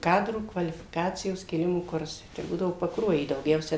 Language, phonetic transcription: Lithuanian, ˈkadrų kvalifiˈkacijos kėˈlimo ˈkursai tai ˈbūdavo pakˈruojy dauˈgiausia

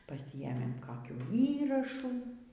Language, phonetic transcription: Lithuanian, paˈsiėmėm ˈkakių ˈįrašų

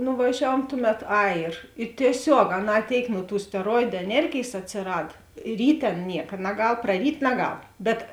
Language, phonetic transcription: Lithuanian, nuvaˈžiavuom ˈtuˌmet ˈai ir i tieˈsiog aˈnā ˈtėik nu tų steˈroidu eˈnergėjs atsiˈrad ˈrytė ˈan ˈnieka naˈgal praˈryt' naˈgal bet

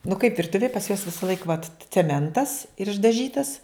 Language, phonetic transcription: Lithuanian, nu kaip virˈtuvėj pas juos visaˈlaik vat ceˈmentas ir išdaˈžytas

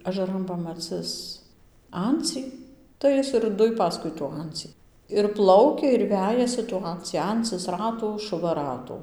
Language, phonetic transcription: Lithuanian, ažaˈran pamaˈcɨs ˈancį tai ˈjis ir ˈduj ˈpaskui tų ˈancį ir ˈplaukia ir ˈvejasi tų ˈancį ˈancɨs ˈratų šuˈva ˈratų

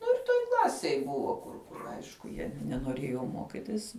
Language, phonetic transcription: Lithuanian, ˈnu ir ˈtoj ˈklasėj ˈbuvo kur kur ˈaišku jie nenoˈrėjo ˈmokitis

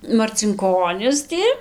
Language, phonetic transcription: Lithuanian, marcinˈkonis ti

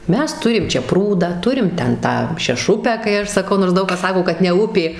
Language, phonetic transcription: Lithuanian, ˈmes ˈturim ˈčia ˈprūdą ˈturim ˈten ˈtą šeˈšupę kai ˈaš saˈkau nors ˈdaug kas ˈsako kad ne ˈupė

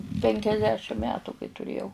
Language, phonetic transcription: Lithuanian, penkiasˈdešim ˈmetu kai tuˈrėjau

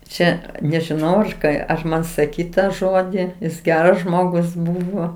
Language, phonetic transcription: Lithuanian, ˈčia nežiˈnau aš ˈką ar ˈman saˈkyt ˈtą ˈžodį jis ˈgeras ˈžmogus ˈbūvo

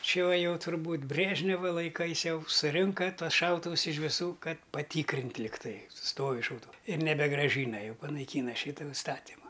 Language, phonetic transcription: Lithuanian, ˈči uo ˈjau turˈbūt ˈbrėžneva laiˈkais ˈjau suˈrinka ˈtuos ˈšautuvus iš viˈsų ˈkad paˈtykrintˈ ligˈtai ˈstovi šauˈtuvų ir nebegraˈžyna ˈjau panaiˈkyna ˈšytu iˈstatimu

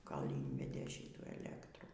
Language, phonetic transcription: Lithuanian, ˈkol' ˈynvedė ˈšitų eˈlektrų

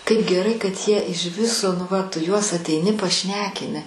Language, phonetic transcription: Lithuanian, kaip geˈrai kad ˈjie iž ˈviso nu ˈva ˈtu ˈjuos ateiˈni paˈšnekini

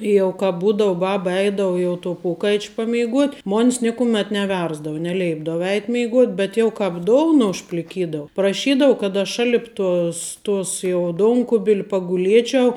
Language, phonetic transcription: Lithuanian, ˈjau ka ˈbūdau ˈbaba ˈeidau jau to ˈpokaič' pameiˈguot' ˈmon's ˈnėkuˌmet neˈversdavu neˈleipdavu ˈeit' mėiˈgot' bet jau ˈkāp ˈdouna užpliˈkydavu praˈšydavu kad aš ˈšalip ˈtos ˈtos jau ˈdonkubil' paguˈliečiau

